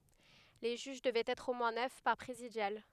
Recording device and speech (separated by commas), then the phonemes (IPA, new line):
headset microphone, read sentence
le ʒyʒ dəvɛt ɛtʁ o mwɛ̃ nœf paʁ pʁezidjal